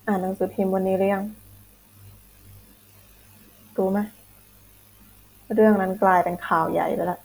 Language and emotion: Thai, sad